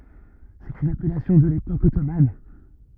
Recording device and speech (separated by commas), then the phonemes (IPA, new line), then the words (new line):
rigid in-ear microphone, read sentence
sɛt yn apɛlasjɔ̃ də lepok ɔtoman
C'est une appellation de l'époque ottomane.